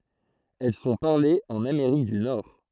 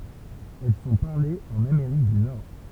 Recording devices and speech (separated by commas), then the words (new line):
throat microphone, temple vibration pickup, read sentence
Elles sont parlées en Amérique du Nord.